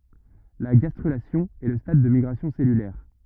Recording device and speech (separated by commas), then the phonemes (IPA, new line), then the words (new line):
rigid in-ear microphone, read sentence
la ɡastʁylasjɔ̃ ɛ lə stad de miɡʁasjɔ̃ sɛlylɛʁ
La gastrulation est le stade des migrations cellulaires.